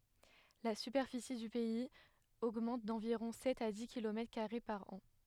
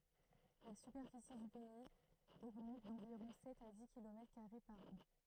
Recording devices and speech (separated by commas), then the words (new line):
headset microphone, throat microphone, read sentence
La superficie du pays augmente d'environ sept à dix kilomètres carrés par an.